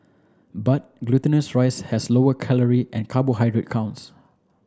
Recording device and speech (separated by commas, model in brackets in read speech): standing microphone (AKG C214), read sentence